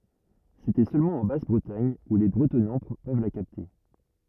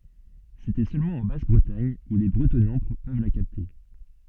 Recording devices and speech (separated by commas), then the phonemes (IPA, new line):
rigid in-ear microphone, soft in-ear microphone, read sentence
setɛ sølmɑ̃ ɑ̃ bas bʁətaɲ u le bʁətɔnɑ̃ pøv la kapte